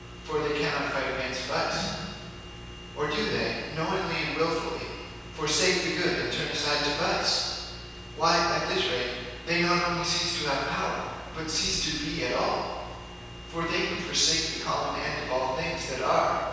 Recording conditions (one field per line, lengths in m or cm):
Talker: one person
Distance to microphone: 7.1 m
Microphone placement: far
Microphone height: 1.7 m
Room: very reverberant, large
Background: none